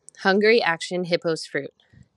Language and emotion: English, happy